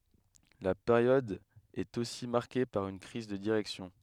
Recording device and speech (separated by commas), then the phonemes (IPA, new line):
headset microphone, read sentence
la peʁjɔd ɛt osi maʁke paʁ yn kʁiz də diʁɛksjɔ̃